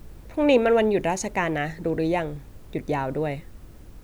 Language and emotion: Thai, neutral